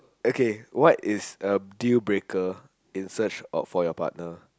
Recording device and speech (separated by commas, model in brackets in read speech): close-talking microphone, conversation in the same room